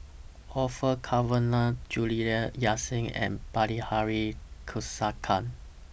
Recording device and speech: boundary microphone (BM630), read sentence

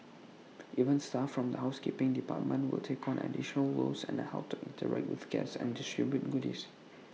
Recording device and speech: mobile phone (iPhone 6), read sentence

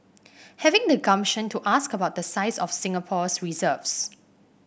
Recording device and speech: boundary microphone (BM630), read sentence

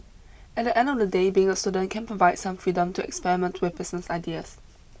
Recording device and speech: boundary microphone (BM630), read sentence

